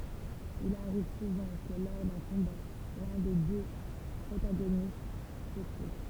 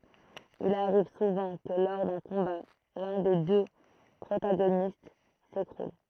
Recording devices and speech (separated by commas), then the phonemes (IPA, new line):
temple vibration pickup, throat microphone, read sentence
il aʁiv suvɑ̃ kə lɔʁ dœ̃ kɔ̃ba lœ̃ de dø pʁotaɡonist sekʁul